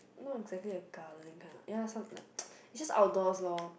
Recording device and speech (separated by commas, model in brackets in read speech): boundary microphone, conversation in the same room